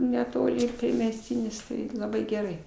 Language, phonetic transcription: Lithuanian, neˈtoli ir priemesˈtynis ˈtai laˈbai geˈrai

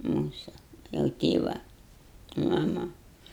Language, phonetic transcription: Lithuanian, ˈmūsu jau ˈtėva maˈma

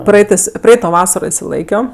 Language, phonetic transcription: Lithuanian, ˈpraitɜs ˈpraito ˈvasaro išsiˈlaikio

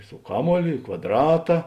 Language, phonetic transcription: Lithuanian, su ˈkaˌmuolio i kvadˈrata

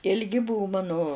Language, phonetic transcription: Lithuanian, ilˈgi ˈbuvu ˈmanu

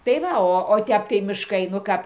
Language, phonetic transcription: Lithuanian, tai ˈva ˈo o ˈtep tai mišˈkai nu ˈkap

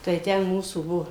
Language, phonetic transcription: Lithuanian, tai ˈten ˈmūsų ˈbuo

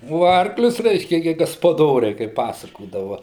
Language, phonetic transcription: Lithuanian, o ˈarklius ˈreiškia gi gaspaˈdoriai kaip ˈpasakodava

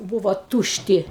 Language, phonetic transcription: Lithuanian, ˈbūvo ˈtūšˌti

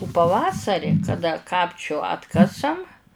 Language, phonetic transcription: Lithuanian, u paˈvasari kaˈda ˈkapčiu ˈatkasam

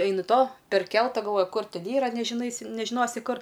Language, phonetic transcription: Lithuanian, ˈaini to perˈkelta galˈvoji ˈkur ˈten ˈyra nežiˈnaisi nežiˈnosi ˈkur

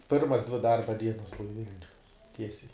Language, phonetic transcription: Lithuanian, ˈpirmas dvi ˈdarba ˈdienas ˈbuva ˈvilniuj ˈtiesiai

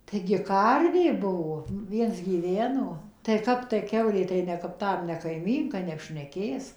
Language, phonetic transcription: Lithuanian, taigi ˈkarvė ˈbuvo nu ˈviens gyˈveno tai ˈkap tai ˈkiaulė tai ˌne kap ˈtam ne kaiˈmynka neapšneˈkės

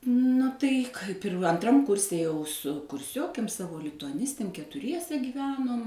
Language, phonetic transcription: Lithuanian, ˈnu tai ˈkaip ir anˈtram ˈkurse jau su kurˈsiokėm ˈsavo lituaˈnistėm ketuˈriese gyˈvenom

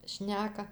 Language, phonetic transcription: Lithuanian, ˈšneka

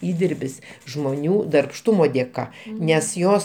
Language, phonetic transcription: Lithuanian, ˈįdirbis žmoˈnių darbˈštumo dėˈka nes ˈjos

